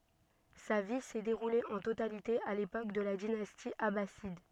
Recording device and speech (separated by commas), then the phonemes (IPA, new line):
soft in-ear microphone, read sentence
sa vi sɛ deʁule ɑ̃ totalite a lepok də la dinasti abasid